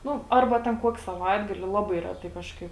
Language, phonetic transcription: Lithuanian, ˈnu ˈarba ten ˈkuoki saˈvaitgali ˈlaˌbai ˈreˌtai ˈkažˌkaip

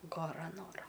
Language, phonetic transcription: Lithuanian, gaˈra ˈnora

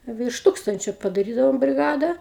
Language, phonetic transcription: Lithuanian, virš ˈtūkstančio padaˈrydavom briˈgada

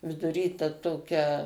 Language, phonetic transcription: Lithuanian, viduˈry ta ˈtokia

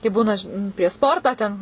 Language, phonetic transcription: Lithuanian, kai ˈbūna žin prieš ˈsportą ten

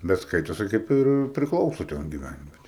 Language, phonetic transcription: Lithuanian, bet ˈskaitosi kaip ˈir priˈklausu ˈten giˈvænvietei

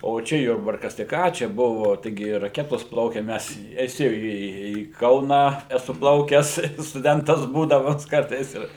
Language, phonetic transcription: Lithuanian, o ˈčia ˈjurbarkas tai ˈką čia ˈbuvo taiˈgi raˈketos ˈplaukia ˈmes eˈsi į į ˈkauną eˈsu ˈplaukes stuˈdentas ˈbūdamas ˈkartais ir

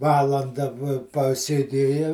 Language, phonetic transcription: Lithuanian, ˈvalanda vo pasėˈdėja

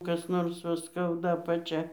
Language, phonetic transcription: Lithuanian, kas ˈnors va ˈskauda apaˈčia

